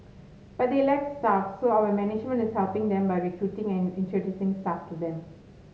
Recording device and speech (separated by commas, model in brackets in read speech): mobile phone (Samsung S8), read sentence